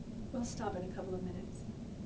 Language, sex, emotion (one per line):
English
female
neutral